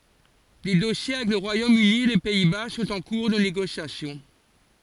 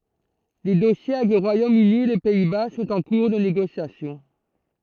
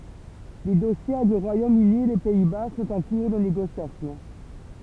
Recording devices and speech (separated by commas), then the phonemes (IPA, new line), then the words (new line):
forehead accelerometer, throat microphone, temple vibration pickup, read sentence
de dɔsje avɛk lə ʁwajom yni e le pɛi ba sɔ̃t ɑ̃ kuʁ də neɡosjasjɔ̃
Des dossiers avec le Royaume-Uni et les Pays-Bas sont en cours de négociation.